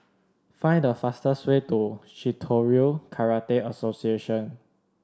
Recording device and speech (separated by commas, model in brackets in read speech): standing microphone (AKG C214), read sentence